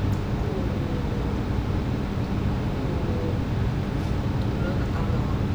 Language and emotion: Thai, frustrated